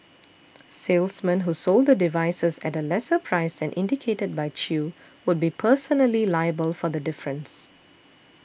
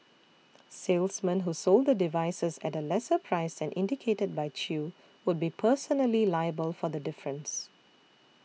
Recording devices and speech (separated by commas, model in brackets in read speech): boundary microphone (BM630), mobile phone (iPhone 6), read sentence